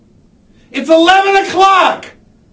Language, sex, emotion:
English
male
angry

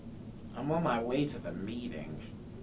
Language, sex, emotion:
English
male
disgusted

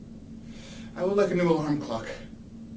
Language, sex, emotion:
English
male
fearful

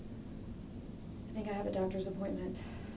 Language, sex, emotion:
English
female
fearful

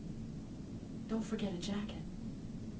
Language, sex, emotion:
English
female
neutral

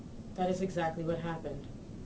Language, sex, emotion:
English
female
neutral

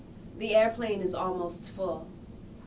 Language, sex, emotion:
English
female
neutral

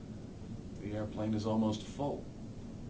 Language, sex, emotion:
English
male
sad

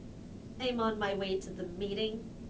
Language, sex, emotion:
English
female
neutral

